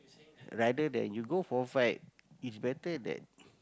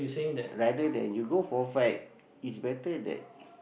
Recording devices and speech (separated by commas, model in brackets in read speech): close-talking microphone, boundary microphone, conversation in the same room